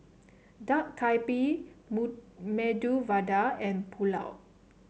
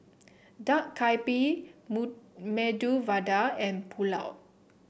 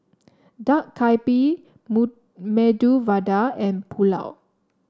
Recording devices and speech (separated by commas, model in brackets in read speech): mobile phone (Samsung C7), boundary microphone (BM630), standing microphone (AKG C214), read sentence